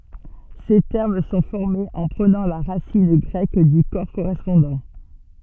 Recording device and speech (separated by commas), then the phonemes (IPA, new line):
soft in-ear microphone, read sentence
se tɛʁm sɔ̃ fɔʁmez ɑ̃ pʁənɑ̃ la ʁasin ɡʁɛk dy kɔʁ koʁɛspɔ̃dɑ̃